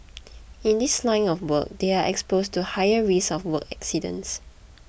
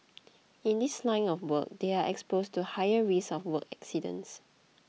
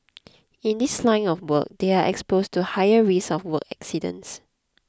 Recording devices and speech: boundary microphone (BM630), mobile phone (iPhone 6), close-talking microphone (WH20), read sentence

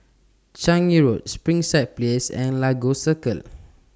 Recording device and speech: standing microphone (AKG C214), read sentence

